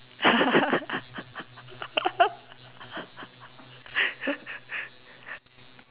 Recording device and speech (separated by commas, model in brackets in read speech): telephone, conversation in separate rooms